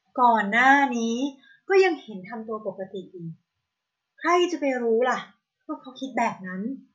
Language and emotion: Thai, frustrated